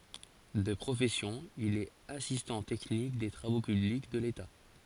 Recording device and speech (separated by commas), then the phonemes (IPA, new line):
forehead accelerometer, read sentence
də pʁofɛsjɔ̃ il ɛt asistɑ̃ tɛknik de tʁavo pyblik də leta